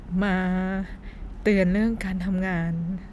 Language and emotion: Thai, sad